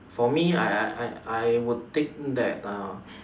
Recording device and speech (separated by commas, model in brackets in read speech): standing microphone, conversation in separate rooms